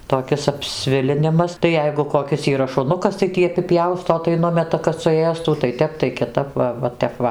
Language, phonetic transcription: Lithuanian, toˈkis apˈsvilinimas tai ˈjeigu koˈkis yˈra šuˈnukas tai ˈtį apiˈpjausto tai ˈnumeta kad suˈėstų tai ˈtep tai kiˈtap ˈva ˈva tep ˈva

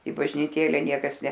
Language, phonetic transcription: Lithuanian, i bažnyˈtėle ˈniekas ne

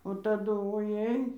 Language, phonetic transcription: Lithuanian, o taˈdu oˈjei

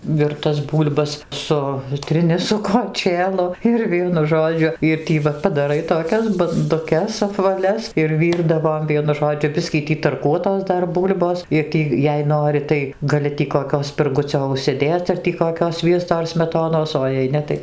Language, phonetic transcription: Lithuanian, virˈtas ˈbūl'bas ˈsutrini su koˈčėlu ir ˈvienu ˈžodžiu ir ˈtį va padaˈrai toˈkias banduˈkes apvaˈlias ir ˈvyrdavom ˈvienu ˈžodžiu ˈbiskį ˈtį tarˈkuotos ˈdar ˈbūl'bos ir ˈtį jei ˈnori tai gaˈli tį koˈkio spirˈgucio užsiˈdėc ar tį koˈkio ˈsviesto ar smeˈtonos o jei ˈne tai

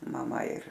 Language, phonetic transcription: Lithuanian, maˈma ir

